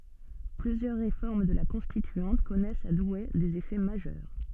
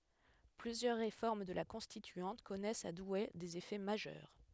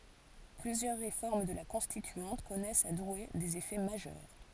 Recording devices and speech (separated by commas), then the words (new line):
soft in-ear microphone, headset microphone, forehead accelerometer, read sentence
Plusieurs réformes de la Constituante connaissent à Douai des effets majeurs.